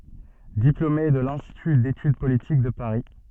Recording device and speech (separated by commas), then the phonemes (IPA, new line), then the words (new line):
soft in-ear microphone, read sentence
diplome də lɛ̃stity detyd politik də paʁi
Diplômé de l'Institut d'Études Politiques de Paris.